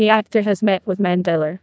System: TTS, neural waveform model